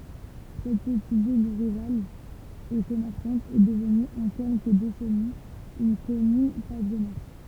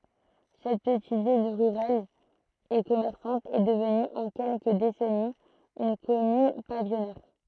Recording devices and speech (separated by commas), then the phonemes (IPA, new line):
temple vibration pickup, throat microphone, read sentence
sɛt pətit vil ʁyʁal e kɔmɛʁsɑ̃t ɛ dəvny ɑ̃ kɛlkə desɛniz yn kɔmyn pavijɔnɛʁ